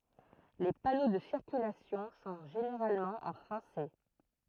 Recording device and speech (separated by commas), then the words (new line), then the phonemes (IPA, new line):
throat microphone, read sentence
Les panneaux de circulation sont généralement en français.
le pano də siʁkylasjɔ̃ sɔ̃ ʒeneʁalmɑ̃ ɑ̃ fʁɑ̃sɛ